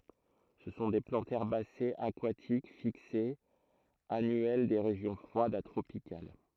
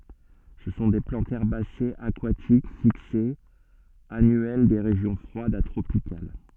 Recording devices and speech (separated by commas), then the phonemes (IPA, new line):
throat microphone, soft in-ear microphone, read sentence
sə sɔ̃ de plɑ̃tz ɛʁbasez akwatik fiksez anyɛl de ʁeʒjɔ̃ fʁwadz a tʁopikal